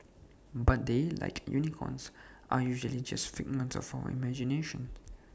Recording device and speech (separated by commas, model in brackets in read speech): standing microphone (AKG C214), read sentence